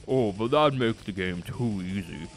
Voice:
Dumb voice